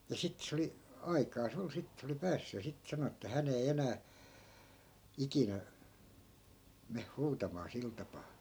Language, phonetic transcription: Finnish, ja sittᵉ 'se oli , 'aikaas ‿ol 'sit se oli "päässy ja 'sit 'sano että 'hän ‿ei 'enää , "ikinä , meh 'huutamaa 'sil tapaa .
- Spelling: ja sitten se oli aikaansa oli sitten se oli päässyt ja sitten sanoi että hän ei enää ikinä mene huutamaan sillä tapaa

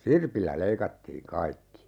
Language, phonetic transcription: Finnish, "sirpillä 'leikattiiŋ 'kaikki .
- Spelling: sirpillä leikattiin kaikki

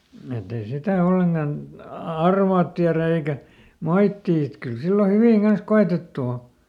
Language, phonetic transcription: Finnish, et ‿ei ˈsitä ˈolleŋkan , ˈa- "arvaat tiärä eikä , "moittii et ˈkyl ˈsillo ˈhyvìŋ ˈGans "ko₍etettu o .
- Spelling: että ei sitä ollenkaan - arvaa tiedä eikä moittia että kyllä silloin hyvin kanssa koetettu on

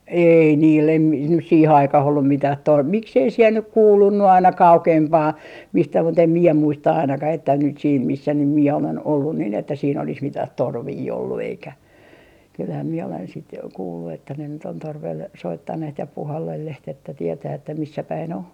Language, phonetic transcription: Finnish, "ei niil em mi- , nys 'siihe 'aikah ollum 'mitäh 'to- , 'miksei siel nyk "kuulunnu aina "kaukempaa , mistä mu't ‿em 'mie 'muista ainakah että nyt siin , 'missä nym "mie olen ollu nin että siin ‿olis 'mitah "torvii ollu eikä , kylhäm miɛ olen sit , 'kuullu että ne nyt ‿on 'torvel , 'soittanneht ja 'puhallelleht ‿että 'tietää että 'missä päi'n ‿o .
- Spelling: ei niillä en - nyt siihen aikaan ollut mitään - miksi ei siellä nyt kuulunut aina kauempaa mistä mutta en minä muista ainakaan että nyt siinä missä nyt minä olen ollut niin että siinä olisi mitään torvia ollut eikä kyllähän minä olen sitten kuullut että ne nyt on torvella soittaneet ja puhallelleet että tietää että missä päin on

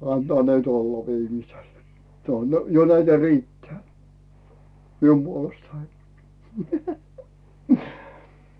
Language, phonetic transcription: Finnish, antᵒà nyt olla 'viimisel , se on , 'jo näitä "riitteää , "mium 'Buolestai .
- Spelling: antaa nyt olla viimeisellä se on jo näitä riittää minun puolestani

